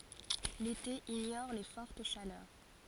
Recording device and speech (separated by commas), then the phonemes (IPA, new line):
forehead accelerometer, read sentence
lete iɲɔʁ le fɔʁt ʃalœʁ